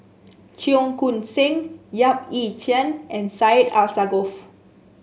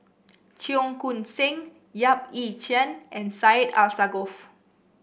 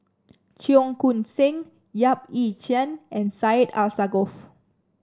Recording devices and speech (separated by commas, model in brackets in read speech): mobile phone (Samsung S8), boundary microphone (BM630), standing microphone (AKG C214), read sentence